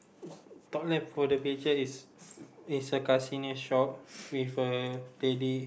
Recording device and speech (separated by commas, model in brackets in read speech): boundary microphone, conversation in the same room